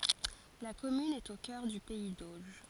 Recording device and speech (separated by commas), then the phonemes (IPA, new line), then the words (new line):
forehead accelerometer, read sentence
la kɔmyn ɛt o kœʁ dy pɛi doʒ
La commune est au cœur du pays d'Auge.